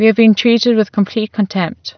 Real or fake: real